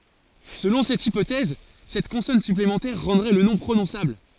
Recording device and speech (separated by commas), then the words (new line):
forehead accelerometer, read sentence
Selon cette hypothèse, cette consonne supplémentaire rendrait le nom prononçable.